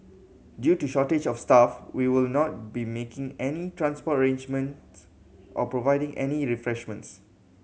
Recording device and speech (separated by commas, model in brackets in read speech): mobile phone (Samsung C7100), read sentence